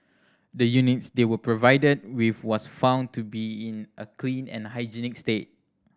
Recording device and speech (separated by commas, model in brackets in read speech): standing microphone (AKG C214), read sentence